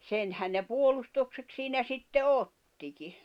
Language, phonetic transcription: Finnish, 'senhän ne 'puolustoksek siinä sitte "ottiki .
- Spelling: senhän ne puolustukseksi siinä sitten ottikin

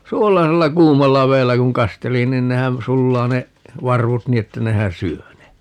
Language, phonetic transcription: Finnish, "suolasella "kuumalla 'veellä kuŋ "kasteli nin 'nehän , 'sullaa ne , 'varvut "nii että 'nehän "syö ne .
- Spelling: suolaisella kuumalla vedellä kun kasteli niin nehän sulaa ne varvut niin että nehän syö ne

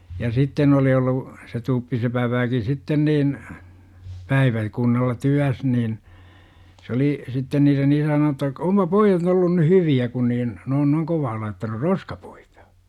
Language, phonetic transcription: Finnish, ja "sitten ‿oli ollu , se 'tuppisepäv väki 'sitten niin , "päivä- , kunnalla "tyäs nin , s ‿oli , 'sitten niiren 'isä nonu että , 'ompa » 'poijat ollun ny "hyvi₍ä kun niin , ne on noiŋ 'kovaa laittanur "roskapUItA « .
- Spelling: ja sitten oli ollut se tuppisepän väki sitten niin - päiväkunnalla työssä niin se oli sitten niiden isä sanonut että onpa pojat ollut nyt hyviä kun niin ne on noin kovaa laittanut roskapuita

